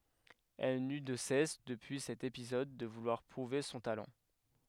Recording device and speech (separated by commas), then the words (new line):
headset microphone, read sentence
Elle n'eut de cesse, depuis cet épisode, de vouloir prouver son talent.